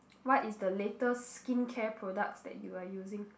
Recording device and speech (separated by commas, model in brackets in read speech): boundary microphone, conversation in the same room